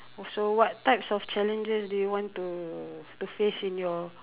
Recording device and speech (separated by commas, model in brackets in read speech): telephone, conversation in separate rooms